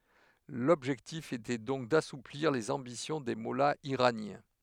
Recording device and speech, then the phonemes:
headset microphone, read sentence
lɔbʒɛktif etɛ dɔ̃k dasupliʁ lez ɑ̃bisjɔ̃ de mɔlaz iʁanjɛ̃

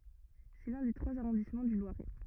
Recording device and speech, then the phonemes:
rigid in-ear microphone, read sentence
sɛ lœ̃ de tʁwaz aʁɔ̃dismɑ̃ dy lwaʁɛ

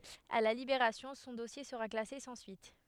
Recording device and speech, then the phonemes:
headset microphone, read sentence
a la libeʁasjɔ̃ sɔ̃ dɔsje səʁa klase sɑ̃ syit

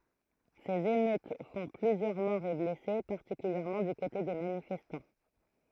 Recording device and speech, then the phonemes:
throat microphone, read sentence
sez emøt fɔ̃ plyzjœʁ mɔʁz e blɛse paʁtikyljɛʁmɑ̃ dy kote de manifɛstɑ̃

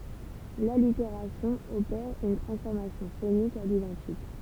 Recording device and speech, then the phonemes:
temple vibration pickup, read sentence
laliteʁasjɔ̃ opɛʁ yn tʁɑ̃sfɔʁmasjɔ̃ fonik a lidɑ̃tik

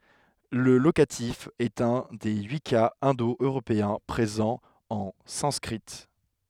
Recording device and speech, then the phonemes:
headset microphone, read sentence
lə lokatif ɛt œ̃ de yi kaz ɛ̃do øʁopeɛ̃ pʁezɑ̃ ɑ̃ sɑ̃skʁi

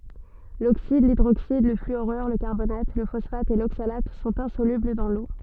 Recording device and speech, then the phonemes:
soft in-ear microphone, read sentence
loksid lidʁoksid lə flyoʁyʁ lə kaʁbonat lə fɔsfat e loksalat sɔ̃t ɛ̃solybl dɑ̃ lo

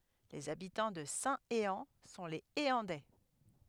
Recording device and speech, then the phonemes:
headset microphone, read sentence
lez abitɑ̃ də sɛ̃teɑ̃ sɔ̃ lez eɑ̃dɛ

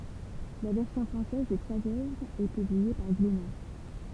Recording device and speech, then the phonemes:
temple vibration pickup, read sentence
la vɛʁsjɔ̃ fʁɑ̃sɛz de tʁwaz œvʁz ɛ pyblie paʁ ɡlena

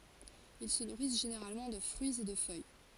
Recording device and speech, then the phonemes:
forehead accelerometer, read sentence
il sə nuʁis ʒeneʁalmɑ̃ də fʁyiz e də fœj

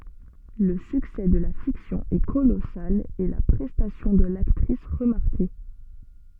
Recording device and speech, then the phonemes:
soft in-ear microphone, read sentence
lə syksɛ də la fiksjɔ̃ ɛ kolɔsal e la pʁɛstasjɔ̃ də laktʁis ʁəmaʁke

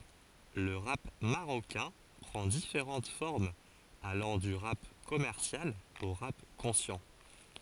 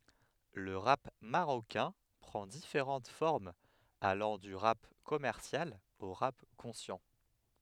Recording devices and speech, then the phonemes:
forehead accelerometer, headset microphone, read sentence
lə ʁap maʁokɛ̃ pʁɑ̃ difeʁɑ̃t fɔʁmz alɑ̃ dy ʁap kɔmɛʁsjal o ʁap kɔ̃sjɑ̃

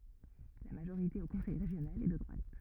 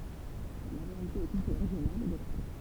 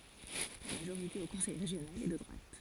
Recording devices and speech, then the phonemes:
rigid in-ear microphone, temple vibration pickup, forehead accelerometer, read sentence
la maʒoʁite o kɔ̃sɛj ʁeʒjonal ɛ də dʁwat

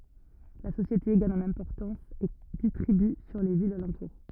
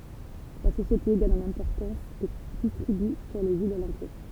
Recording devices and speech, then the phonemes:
rigid in-ear microphone, temple vibration pickup, read sentence
la sosjete ɡaɲ ɑ̃n ɛ̃pɔʁtɑ̃s e distʁiby syʁ le vilz alɑ̃tuʁ

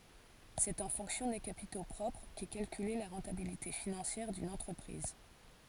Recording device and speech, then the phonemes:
forehead accelerometer, read sentence
sɛt ɑ̃ fɔ̃ksjɔ̃ de kapito pʁɔpʁ kɛ kalkyle la ʁɑ̃tabilite finɑ̃sjɛʁ dyn ɑ̃tʁəpʁiz

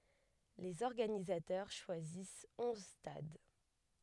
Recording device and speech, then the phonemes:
headset microphone, read sentence
lez ɔʁɡanizatœʁ ʃwazis ɔ̃z stad

